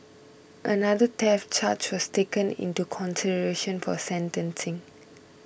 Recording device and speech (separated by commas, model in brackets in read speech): boundary microphone (BM630), read sentence